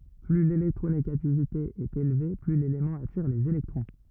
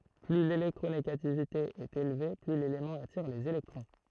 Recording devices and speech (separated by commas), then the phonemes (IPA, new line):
rigid in-ear microphone, throat microphone, read sentence
ply lelɛktʁoneɡativite ɛt elve ply lelemɑ̃ atiʁ lez elɛktʁɔ̃